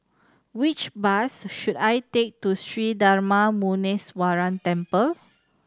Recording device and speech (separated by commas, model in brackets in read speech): standing microphone (AKG C214), read sentence